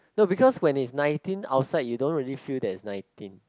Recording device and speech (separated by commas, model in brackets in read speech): close-talking microphone, conversation in the same room